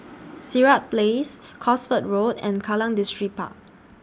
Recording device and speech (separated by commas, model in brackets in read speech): standing microphone (AKG C214), read sentence